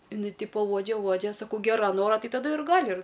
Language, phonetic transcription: Lithuanian, iˈnai ˈtipo ˈuodžia ˈuodžia saˈkau ˈgera ˈnora ˈtai taˈdu ir ˈgali ir

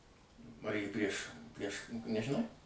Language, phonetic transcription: Lithuanian, paˈrėj prieš prieš nežiˈnau

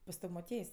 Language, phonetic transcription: Lithuanian, pas ˈtav' moˈtiejs'

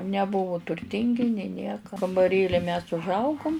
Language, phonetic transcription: Lithuanian, neˈbuvu turˈtingi nė ˈnieka kambaˈrėli mes užˈaugum

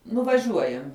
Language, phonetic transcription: Lithuanian, nuvaˈžiuojam'

